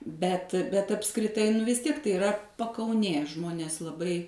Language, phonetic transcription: Lithuanian, ˈbet bet apskriˈtai nu vis ˈtiek tai iˈra pakauˈnė ˈžmonės laˈbai

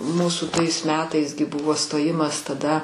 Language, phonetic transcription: Lithuanian, ˈmūsų ˈtais ˈmetais gi ˈbuvo stoˈjimas taˈda

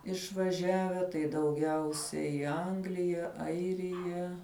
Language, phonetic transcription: Lithuanian, išvaˈžiave tai dauˈgiausiai i ˈanglija ˈairija

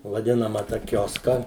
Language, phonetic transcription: Lithuanian, vaˈdinama ta ˈkioska

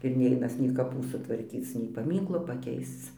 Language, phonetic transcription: Lithuanian, ir ˈneinas nei kaˈpų sutvarˈkyc nei paˈmynklo paˈkeisc

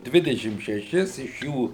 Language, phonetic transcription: Lithuanian, ˈdvidešim šeˈšis iš ˈjų

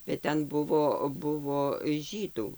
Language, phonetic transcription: Lithuanian, bet ˈten ˈbuvo ˈbuvo ˈžydų

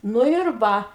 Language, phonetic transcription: Lithuanian, ˈnu ir ˈva

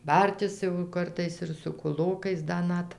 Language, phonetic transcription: Lithuanian, ˈbartis jau ˈkartais ir su kuˈlokais ˈda ˈnat

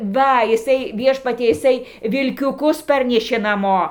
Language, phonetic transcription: Lithuanian, ˈva jiˈsai ˈviešpatie jiˈsai vilkiuˈkus ˈparnešė naˈmo

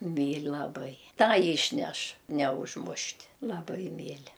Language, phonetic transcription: Lithuanian, ˈmyl' laˈbai ˈtą yšˈneš neužˈmušt' laˈbai ˈmyli

